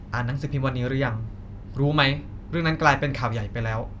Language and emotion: Thai, frustrated